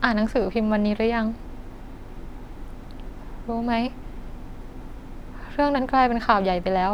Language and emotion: Thai, sad